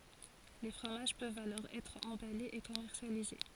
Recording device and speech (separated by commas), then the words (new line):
forehead accelerometer, read sentence
Les fromages peuvent alors être emballés et commercialisés.